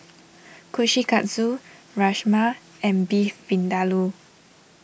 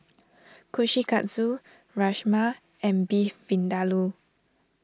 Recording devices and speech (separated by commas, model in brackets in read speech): boundary microphone (BM630), standing microphone (AKG C214), read sentence